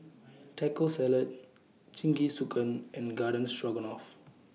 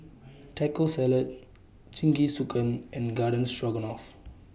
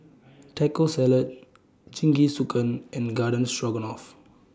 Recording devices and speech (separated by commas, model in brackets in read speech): mobile phone (iPhone 6), boundary microphone (BM630), standing microphone (AKG C214), read sentence